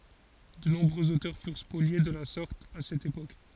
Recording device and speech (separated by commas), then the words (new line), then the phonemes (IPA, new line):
forehead accelerometer, read sentence
De nombreux auteurs furent spoliés de la sorte à cette époque.
də nɔ̃bʁøz otœʁ fyʁ spolje də la sɔʁt a sɛt epok